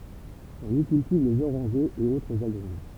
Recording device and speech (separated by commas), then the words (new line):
temple vibration pickup, read sentence
On y cultive les orangers et autres agrumes.